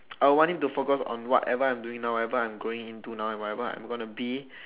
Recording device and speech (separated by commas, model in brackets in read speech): telephone, conversation in separate rooms